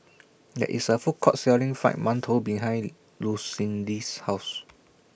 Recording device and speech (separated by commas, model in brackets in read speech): boundary microphone (BM630), read sentence